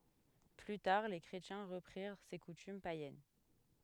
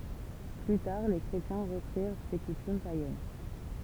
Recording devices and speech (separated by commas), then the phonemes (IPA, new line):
headset microphone, temple vibration pickup, read sentence
ply taʁ le kʁetjɛ̃ ʁəpʁiʁ se kutym pajɛn